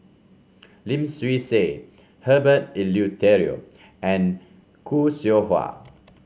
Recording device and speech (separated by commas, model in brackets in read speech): mobile phone (Samsung C5), read sentence